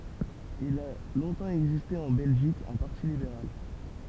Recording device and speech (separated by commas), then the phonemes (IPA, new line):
temple vibration pickup, read sentence
il a lɔ̃tɑ̃ ɛɡziste ɑ̃ bɛlʒik œ̃ paʁti libeʁal